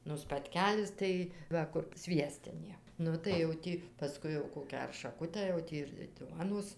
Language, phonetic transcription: Lithuanian, nu spatˈkelis ˈtai ˈva kur ˈsviestinė ˈnu tai jau ˈtį paˈskui jau ˈkokią ar šaˈkutę jau ˈtį ir ˈduonos

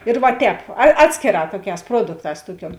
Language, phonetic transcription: Lithuanian, ir va ˈtēp a ˈatskėˌrā ˈtuoˌkēs ˈpruodukˌtās ˈtuoˌkiuom

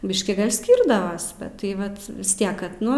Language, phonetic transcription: Lithuanian, ˈbiškį ˈskyrdavas bet tai ˈvat vis ˈtiek ˈkad ˈnu

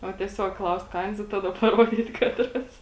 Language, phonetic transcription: Lithuanian, o tieˈsiog ˈklaust ˈkains i ˈtada paˈruodyt ˈkatras

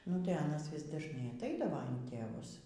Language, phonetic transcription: Lithuanian, nu tai ˈanas ˈvis dažˈnai atˈaidavo in tėˈvus

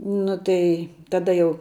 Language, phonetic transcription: Lithuanian, ˈnu tai taˈda jau

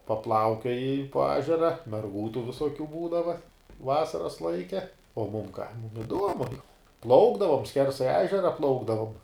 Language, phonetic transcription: Lithuanian, paˈplaukioji po ˈežera merˈgų tų visoˈkių ˈbūdava ˈvasaras ˈlaike o mum ka mum iˈduomu ˈplaukdavom ˈskersai ˈežera ˈplaukdavom

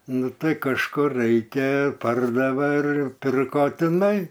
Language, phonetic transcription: Lithuanian, ˈnu ˈtai kažˈkur ˈraikia ˈpardave ir ˈpirko tiˈnai

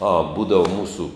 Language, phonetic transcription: Lithuanian, a ˈbūdava ˈmūsų

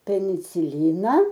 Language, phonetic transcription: Lithuanian, peniciˈlina

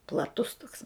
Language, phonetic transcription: Lithuanian, plaˈtus toks

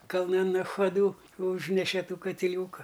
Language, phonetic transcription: Lithuanian, kalˈnan nachaˈdū ˈūžneše ˈtų katiˈliūka

